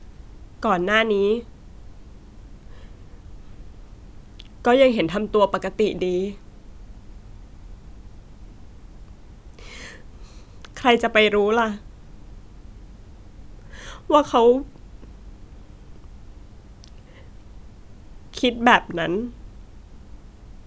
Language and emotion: Thai, sad